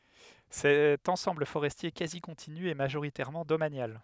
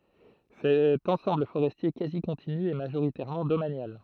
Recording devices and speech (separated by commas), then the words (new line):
headset microphone, throat microphone, read sentence
Cet ensemble forestier quasi continu est majoritairement domanial.